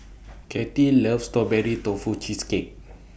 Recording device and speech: boundary microphone (BM630), read sentence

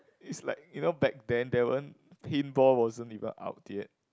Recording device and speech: close-talking microphone, conversation in the same room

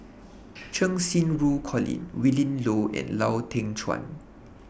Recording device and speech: boundary microphone (BM630), read sentence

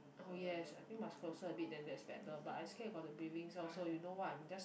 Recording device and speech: boundary microphone, conversation in the same room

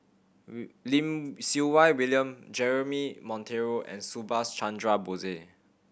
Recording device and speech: boundary microphone (BM630), read sentence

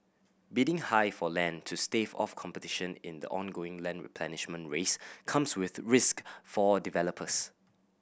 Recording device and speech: boundary microphone (BM630), read sentence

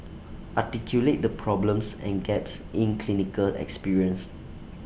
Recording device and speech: boundary microphone (BM630), read sentence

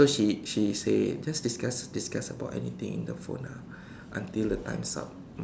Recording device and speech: standing microphone, conversation in separate rooms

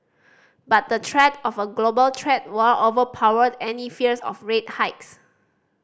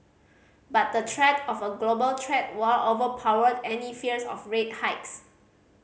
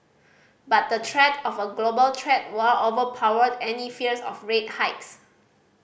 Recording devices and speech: standing microphone (AKG C214), mobile phone (Samsung C5010), boundary microphone (BM630), read sentence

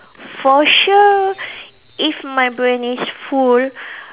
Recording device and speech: telephone, conversation in separate rooms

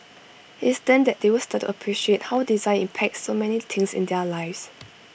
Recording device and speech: boundary microphone (BM630), read sentence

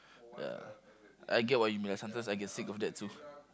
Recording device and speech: close-talking microphone, conversation in the same room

